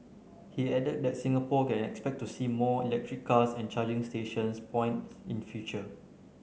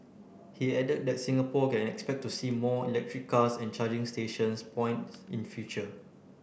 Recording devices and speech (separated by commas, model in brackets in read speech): mobile phone (Samsung C9), boundary microphone (BM630), read sentence